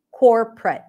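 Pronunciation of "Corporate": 'Corporate' is said as two syllables, 'cor-pret', with the middle syllable dropped completely and no vowel between 'cor' and 'pret'. The first syllable has the 'or' sound of 'for'.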